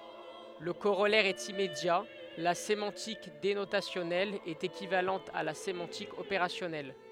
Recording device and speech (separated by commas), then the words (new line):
headset microphone, read sentence
Le corollaire est immédiat : la sémantique dénotationnelle est équivalente à la sémantique opérationnelle.